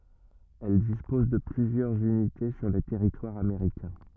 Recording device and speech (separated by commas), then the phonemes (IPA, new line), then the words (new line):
rigid in-ear microphone, read sentence
ɛl dispɔz də plyzjœʁz ynite syʁ lə tɛʁitwaʁ ameʁikɛ̃
Elle dispose de plusieurs unités sur le territoire américain.